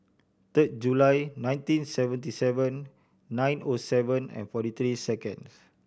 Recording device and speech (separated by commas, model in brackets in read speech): boundary microphone (BM630), read sentence